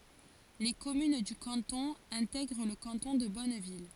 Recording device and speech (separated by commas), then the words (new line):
forehead accelerometer, read sentence
Les communes du canton intègrent le canton de Bonneville.